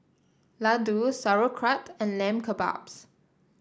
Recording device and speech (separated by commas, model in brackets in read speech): standing microphone (AKG C214), read sentence